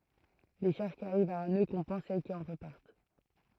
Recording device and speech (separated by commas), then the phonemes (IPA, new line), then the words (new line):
throat microphone, read sentence
le ʃaʁʒ ki aʁivt a œ̃ nø kɔ̃pɑ̃s sɛl ki ɑ̃ ʁəpaʁt
Les charges qui arrivent à un nœud compensent celles qui en repartent.